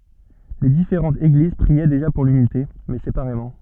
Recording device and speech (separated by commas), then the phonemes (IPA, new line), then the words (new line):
soft in-ear microphone, read sentence
le difeʁɑ̃tz eɡliz pʁiɛ deʒa puʁ lynite mɛ sepaʁemɑ̃
Les différentes Églises priaient déjà pour l'unité, mais séparément.